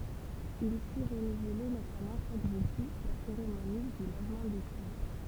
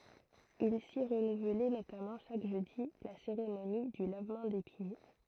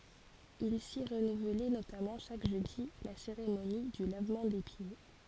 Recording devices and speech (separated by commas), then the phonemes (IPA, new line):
temple vibration pickup, throat microphone, forehead accelerometer, read sentence
il si ʁənuvlɛ notamɑ̃ ʃak ʒødi la seʁemoni dy lavmɑ̃ de pje